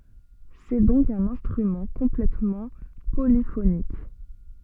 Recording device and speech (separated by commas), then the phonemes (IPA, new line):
soft in-ear microphone, read sentence
sɛ dɔ̃k œ̃n ɛ̃stʁymɑ̃ kɔ̃plɛtmɑ̃ polifonik